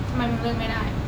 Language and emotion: Thai, frustrated